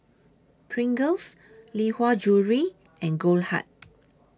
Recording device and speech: standing microphone (AKG C214), read sentence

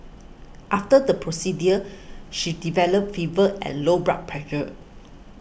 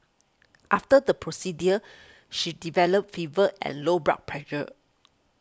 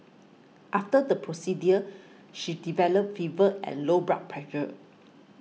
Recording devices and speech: boundary microphone (BM630), close-talking microphone (WH20), mobile phone (iPhone 6), read sentence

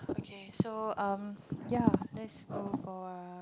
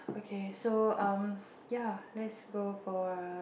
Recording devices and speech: close-talking microphone, boundary microphone, conversation in the same room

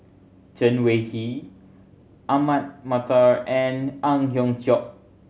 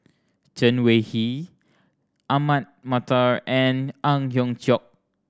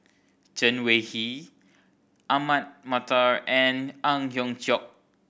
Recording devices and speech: mobile phone (Samsung C7100), standing microphone (AKG C214), boundary microphone (BM630), read sentence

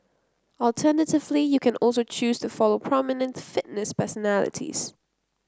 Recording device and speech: close-talking microphone (WH30), read sentence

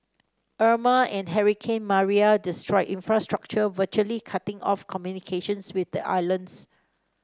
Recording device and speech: standing microphone (AKG C214), read sentence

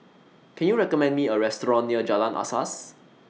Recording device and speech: mobile phone (iPhone 6), read sentence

